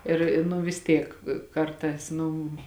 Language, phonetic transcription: Lithuanian, ˈir i nu vis ˈtiek ˈkartās ˈnu

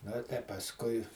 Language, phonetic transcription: Lithuanian, no tai pasˈkui

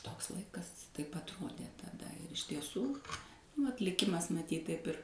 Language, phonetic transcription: Lithuanian, ˈtoks ˈlaikas ˈtaip atˈrodė taˈda ir iš tieˈsų vat liˈkimas maˈtyt taip ˈir

